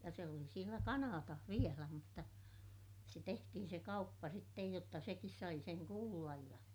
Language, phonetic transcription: Finnish, ja se oli sielä Kanaatah vielä mutta , se tehtihin se kauppa sittej jotta sekis sai seŋ kuullaj ja ,.
- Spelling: ja se oli siellä Kanadassa vielä mutta se tehtiin se kauppa sitten jotta sekin sai sen kuulla ja

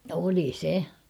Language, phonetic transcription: Finnish, 'oli 'se .
- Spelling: oli se

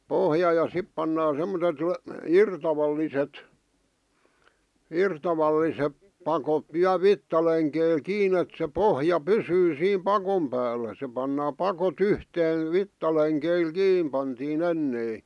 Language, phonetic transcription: Finnish, 'pohja ja 'sip pannaa semmo(s)et , "irtavalliset , 'irtavallisep pakot viäl "vittaleŋkeil "kiin ‿et se "pohja "pysyy siim "pakom päällä se pannaa 'pako"t ‿yhteen̬ , 'vittaleŋkeil "kiim pantii'n ‿ennei .
- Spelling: pohja ja sitten pannaan semmoiset irtavalliset irtavalliset pakot vielä vitsalenkeillä kiinni että se pohja pysyy siinä pakon päällä se pannaan pakot yhteen vitsalenkeillä kiinni pantiin ennen

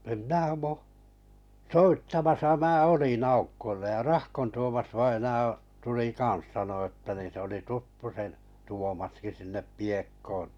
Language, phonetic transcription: Finnish, em 'mnää (mu-) , "soittamasa 'mää 'olin 'Aukkollej ja Rahkon Tuomas '-vaina₍a , tuli 'kan̬s sano əttä ni se oli "tuttu sen , 'Tuomaski 'sinne 'Piekkoon̬ .
- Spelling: en minä - soittamassa minä olin Aukolle ja Rahkon - Tuomas-vainaa tuli kanssa sanoi että niin se oli tuttu sen Tuomaskin sinne Piekkoon

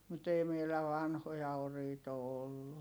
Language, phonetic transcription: Finnish, mut ‿ei meilä vanhoja oriit ‿o ollu .
- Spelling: mutta ei meillä vanhoja oriita ole ollut

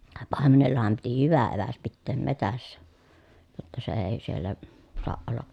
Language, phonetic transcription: Finnish, pàemenellaham piti hyvä eväs pitteem metässä , jotta se ee siellä , soaʼ ʼolla ,.
- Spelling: paimenellahan piti hyvä eväs pitää metsässä jotta se ei siellä saa olla

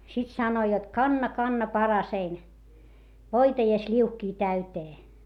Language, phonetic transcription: Finnish, sit sanoi jot » kanna kanna parasein , voita ja sĺiuhkii täytee » .
- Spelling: sitten sanoi jotta kanna kanna paraseni voita ja sliuhkia täyteen

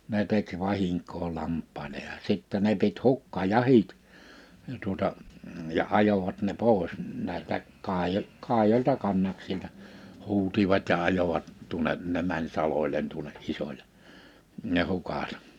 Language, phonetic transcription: Finnish, ne 'tek 'vahiŋk̀oo 'lamp̆pàile ja 'sittä n̬e pit 'hukka'jahit , (ja) tuota , ja 'ajovat ne 'pòes , 'nä̀istä , 'kàijo- , 'kàijoĺta 'kannaksilta , 'huutivat ja 'ajovat tuᵒne , 'ne mäń 'saloĺen tuᵒne '’isoĺe , ne 'hukàt .
- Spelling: ne teki vahinkoa lampaille ja sitten ne piti hukkajahdit ja tuota ja ajoivat ne pois näistä - kaidoilta kannaksilta huusivat ja ajoivat tuonne ne meni salolle tuonne isolle ne hukat

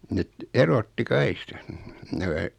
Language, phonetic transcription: Finnish, 'net , 'erotti "kai[k]ista , nämä ,.
- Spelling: ne erotti kaikista nämä

